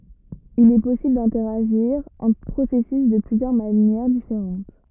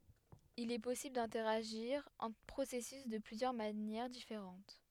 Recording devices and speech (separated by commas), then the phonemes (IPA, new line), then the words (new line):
rigid in-ear microphone, headset microphone, read sentence
il ɛ pɔsibl dɛ̃tɛʁaʒiʁ ɑ̃tʁ pʁosɛsys də plyzjœʁ manjɛʁ difeʁɑ̃t
Il est possible d’interagir entre processus de plusieurs manières différentes.